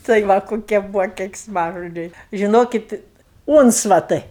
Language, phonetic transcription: Lithuanian, tai ˈva koˈkie ˈbūvo keiksˈmažodžiai žiˈnokit ˈūncvatai

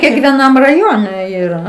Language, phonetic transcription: Lithuanian, kekvieˈnam raˈjone yˈra

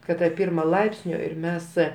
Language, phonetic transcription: Lithuanian, kad ta ˈpirma ˈlaipsnio ir ˈmes

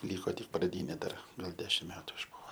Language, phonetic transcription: Lithuanian, ˈlyko tik praˈdynė ˈdar gal ˈdešim ˈmetu išˈbuvo

